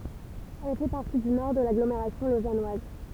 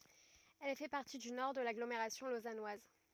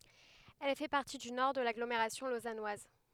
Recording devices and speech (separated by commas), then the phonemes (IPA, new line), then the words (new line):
temple vibration pickup, rigid in-ear microphone, headset microphone, read sentence
ɛl fɛ paʁti dy nɔʁ də laɡlomeʁasjɔ̃ lozanwaz
Elle fait partie du nord de l’agglomération lausannoise.